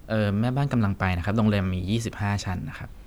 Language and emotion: Thai, neutral